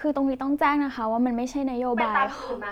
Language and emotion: Thai, neutral